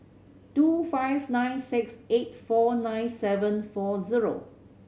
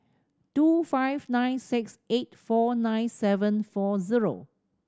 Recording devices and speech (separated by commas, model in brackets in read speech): mobile phone (Samsung C7100), standing microphone (AKG C214), read sentence